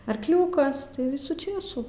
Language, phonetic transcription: Lithuanian, arkˈliūkas tai ˈvisų ˈčėsų

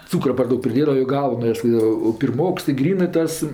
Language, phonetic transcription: Lithuanian, ˈcūkra par ˈdaug priˈdėdava jo ˈgaunas jo pirˈmoks i ˈgrynɜ ˈtas

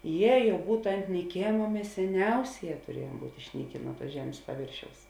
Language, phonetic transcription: Lithuanian, ˈje ˈjau ˈbūtu ant nyˈkėma ˈmes seˈniausėˌjē turiejuom ˈbūt' išˈnykė ˈnuo ˌtuos ˈžemės paˈvėršiaus

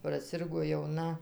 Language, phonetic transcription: Lithuanian, praˈsirgo jauˈna

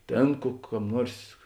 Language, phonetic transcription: Lithuanian, ˈtėn ku ˈkam ˈnuors

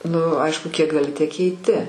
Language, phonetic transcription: Lithuanian, nu ˈaišku kiek gaˈli tiek keiˈti

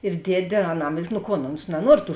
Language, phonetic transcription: Lithuanian, ir ˈdiedė aˈnam nu ˈkon ons naˈnuor tų

